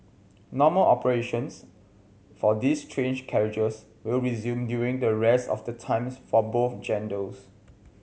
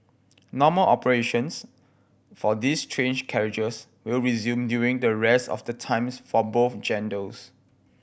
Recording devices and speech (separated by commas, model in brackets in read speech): mobile phone (Samsung C7100), boundary microphone (BM630), read sentence